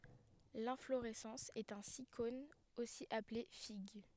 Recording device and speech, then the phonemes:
headset microphone, read sentence
lɛ̃floʁɛsɑ̃s ɛt œ̃ sikon osi aple fiɡ

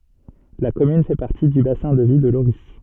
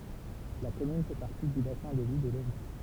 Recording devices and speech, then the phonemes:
soft in-ear microphone, temple vibration pickup, read sentence
la kɔmyn fɛ paʁti dy basɛ̃ də vi də loʁi

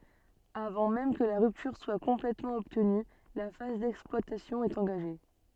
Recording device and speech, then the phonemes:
soft in-ear microphone, read sentence
avɑ̃ mɛm kə la ʁyptyʁ swa kɔ̃plɛtmɑ̃ ɔbtny la faz dɛksplwatasjɔ̃ ɛt ɑ̃ɡaʒe

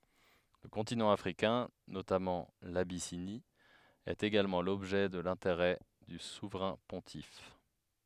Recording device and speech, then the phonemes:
headset microphone, read sentence
lə kɔ̃tinɑ̃ afʁikɛ̃ notamɑ̃ labisini ɛt eɡalmɑ̃ lɔbʒɛ də lɛ̃teʁɛ dy suvʁɛ̃ pɔ̃tif

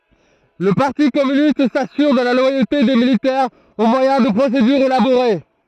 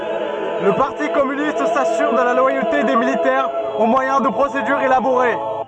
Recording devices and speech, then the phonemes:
throat microphone, soft in-ear microphone, read sentence
lə paʁti kɔmynist sasyʁ də la lwajote de militɛʁz o mwajɛ̃ də pʁosedyʁz elaboʁe

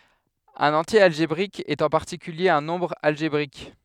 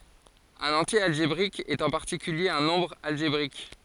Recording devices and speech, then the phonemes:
headset microphone, forehead accelerometer, read sentence
œ̃n ɑ̃tje alʒebʁik ɛt ɑ̃ paʁtikylje œ̃ nɔ̃bʁ alʒebʁik

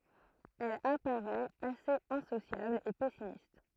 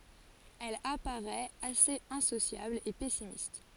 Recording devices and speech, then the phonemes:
throat microphone, forehead accelerometer, read sentence
ɛl apaʁɛt asez ɛ̃sosjabl e pɛsimist

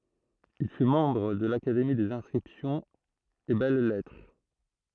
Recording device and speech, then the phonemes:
throat microphone, read sentence
il fy mɑ̃bʁ də lakademi dez ɛ̃skʁipsjɔ̃z e bɛl lɛtʁ

